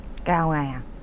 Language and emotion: Thai, neutral